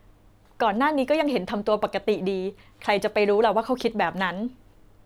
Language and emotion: Thai, neutral